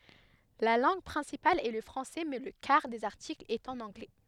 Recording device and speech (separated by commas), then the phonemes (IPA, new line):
headset microphone, read sentence
la lɑ̃ɡ pʁɛ̃sipal ɛ lə fʁɑ̃sɛ mɛ lə kaʁ dez aʁtiklz ɛt ɑ̃n ɑ̃ɡlɛ